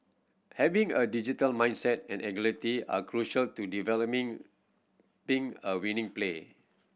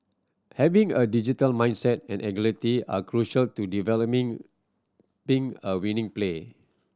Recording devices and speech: boundary microphone (BM630), standing microphone (AKG C214), read sentence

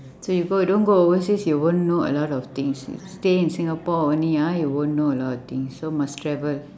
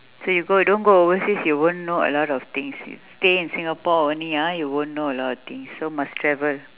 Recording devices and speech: standing microphone, telephone, conversation in separate rooms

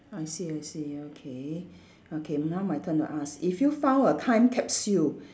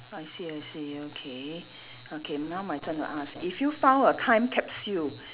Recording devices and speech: standing microphone, telephone, conversation in separate rooms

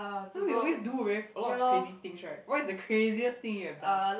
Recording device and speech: boundary microphone, conversation in the same room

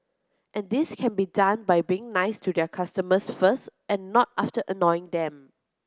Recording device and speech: close-talking microphone (WH30), read sentence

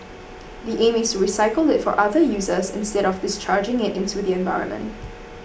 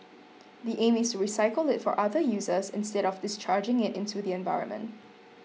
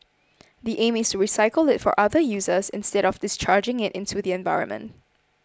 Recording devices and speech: boundary microphone (BM630), mobile phone (iPhone 6), close-talking microphone (WH20), read sentence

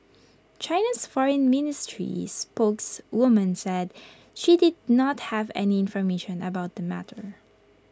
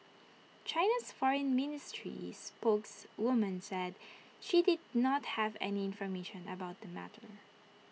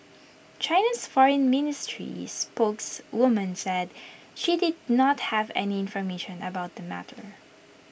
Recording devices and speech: close-talking microphone (WH20), mobile phone (iPhone 6), boundary microphone (BM630), read sentence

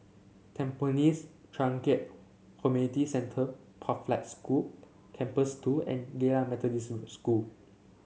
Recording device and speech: mobile phone (Samsung C7), read sentence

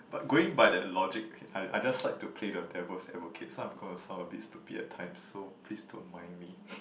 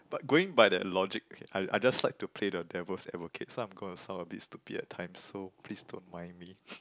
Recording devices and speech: boundary microphone, close-talking microphone, conversation in the same room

